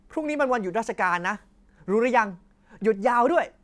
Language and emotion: Thai, happy